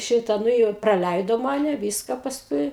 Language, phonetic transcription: Lithuanian, ˈšita ˈnu jau i praˈlæido ˈmane ˈvyska pasˈkui

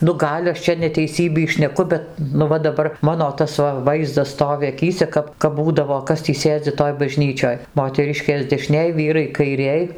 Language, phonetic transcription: Lithuanian, nu ˈgal' aš ˈčia neteiˈsybį šneˈku ˈbet nu ˈva daˈbar ˈmano ˈtas va ˈvaizdas ˈstovi aˈkyse ˈkap kap ˈbūdavo ˈkas tį ˈsėdzi ˈtoj baˈžnyčioj moteˈriškės deˈšnėj ˈvyrai kaiˈrėj

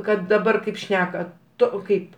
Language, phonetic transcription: Lithuanian, ˈkad daˈbar ˈkaip ˈšneka ˈto ˈkaip

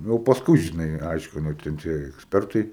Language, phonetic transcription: Lithuanian, jau pasˈkui žiˈnai ˈaiškino ten ˈtie eksˈpertai

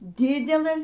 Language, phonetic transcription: Lithuanian, ˈdidelɘs

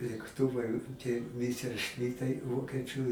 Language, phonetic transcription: Lithuanian, lėkˈtuvai tie ˌmiserˈšmitai ˈvokiečiu

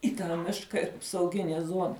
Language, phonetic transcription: Lithuanian, į tą ˈmiška ir apsauˈginė ˈzuona

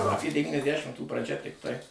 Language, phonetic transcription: Lithuanian, aˈpė devyniasˈdˈšimtų praˈžia tikˈtai

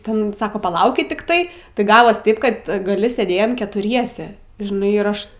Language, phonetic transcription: Lithuanian, ˈten ˈsako paˈlaukit tikˈtai tai ˈgavos ˈtaip kad ˈgali sėˈdėjom ketuˈriese žiˈnai irˈaš

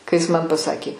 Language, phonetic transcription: Lithuanian, kai ˈjis man paˈsakė

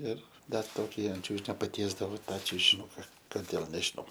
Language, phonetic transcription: Lithuanian, ˈir ˈdar ˈtoki ant ˈčiūžinio paˈtiesdavo ˈtą čiužiˈnuka koˈdėl nežiˈnau

